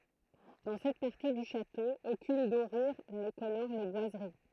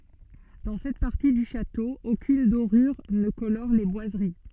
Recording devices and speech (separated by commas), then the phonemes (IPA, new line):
throat microphone, soft in-ear microphone, read sentence
dɑ̃ sɛt paʁti dy ʃato okyn doʁyʁ nə kolɔʁ le bwazəʁi